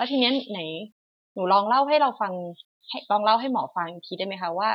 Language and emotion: Thai, neutral